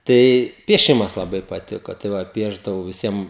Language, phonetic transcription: Lithuanian, ˈtai pieˈšimas laˈbai paˈtiko tai ˈva ˈpiešdavau viˈsiem

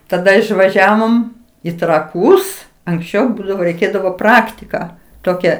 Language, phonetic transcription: Lithuanian, taˈda išvaˈžiavom i traˈkūs anksˈčiau ˈbūdavo reiˈkėdavo ˈpraktiką ˈtokia

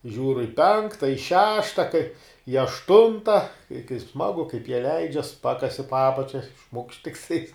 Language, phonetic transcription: Lithuanian, ˈžiūr i ˈpenkta i ˈšešta kai i ašˈtunta i kai ˈsmagu kaip jie ˈleidžias ˈpakasi po ˈapačia šmukšt tikˈtais

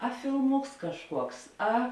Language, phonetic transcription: Lithuanian, a filˈmuks kažˈkuoks ˈa

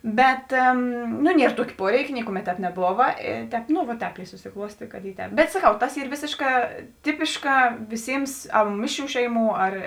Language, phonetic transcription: Lithuanian, ˈbet nu ˈnier ˈtuokė ˈpuoreikė ˈnikuˌmet ˈtēp neˈbova i ˈtēp nu va ˈtēp i susiˈkluostė kad ˈy ˈtēp bet saˈkau ˈtas ˈyr ˈvėsėšˌkā ˈtipiškā ˈviˌsims ˈmišˌrių ˈšeiˌmų ˈar

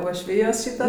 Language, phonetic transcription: Lithuanian, uošˈvyjos ˈšyta

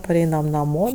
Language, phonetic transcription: Lithuanian, paˈreinam naˈmo

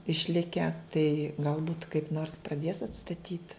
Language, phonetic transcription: Lithuanian, išˈlike tai galˈbūt kaip nors praˈdės atstaˈtyt

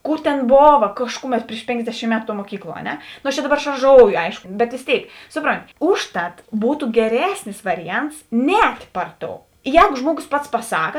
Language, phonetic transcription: Lithuanian, ˈkūr ten ˈbova ˈkaškuˌmet priš ˈpėnksdešym ˈmetu tuo muoˈkykluo a ˈne no aš čia ˈdaˌbar šarˈžoujo ˈaiško bet vės ˈtėik ˈsuˌpronti ˈušˌtat ˈbūtu geˈresnis ˈvariˌjants ˈnēt' ˈpar ˌtou ˈjēgo ˈžmuoˌgos pats paˈsaka

